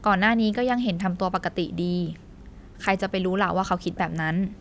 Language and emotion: Thai, neutral